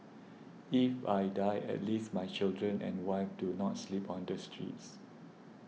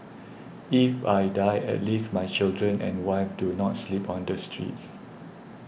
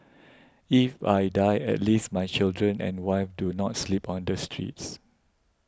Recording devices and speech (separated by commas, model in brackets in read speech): mobile phone (iPhone 6), boundary microphone (BM630), close-talking microphone (WH20), read sentence